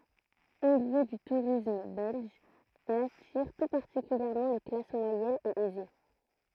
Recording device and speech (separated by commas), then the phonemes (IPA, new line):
throat microphone, read sentence
o ljø dy tuʁism bɛlʒ ɛl atiʁ tu paʁtikyljɛʁmɑ̃ le klas mwajɛnz e ɛze